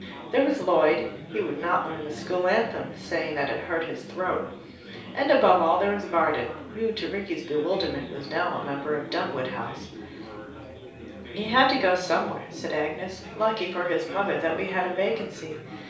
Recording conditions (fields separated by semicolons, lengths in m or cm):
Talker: one person; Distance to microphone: 3.0 m; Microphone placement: far; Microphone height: 1.8 m; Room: small (3.7 m by 2.7 m); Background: babble